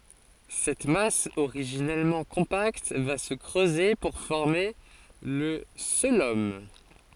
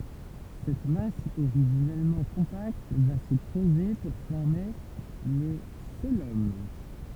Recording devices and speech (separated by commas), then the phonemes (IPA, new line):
forehead accelerometer, temple vibration pickup, read sentence
sɛt mas oʁiʒinɛlmɑ̃ kɔ̃pakt va sə kʁøze puʁ fɔʁme lə koəlom